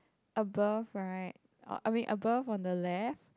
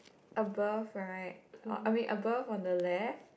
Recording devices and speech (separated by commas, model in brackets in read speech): close-talking microphone, boundary microphone, conversation in the same room